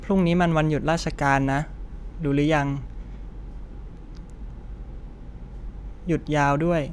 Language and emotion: Thai, neutral